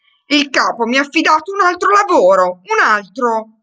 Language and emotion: Italian, angry